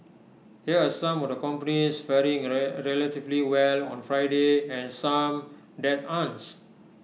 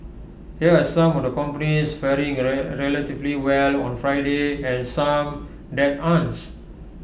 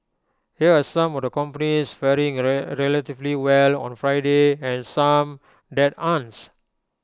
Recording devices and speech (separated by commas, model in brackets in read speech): mobile phone (iPhone 6), boundary microphone (BM630), close-talking microphone (WH20), read sentence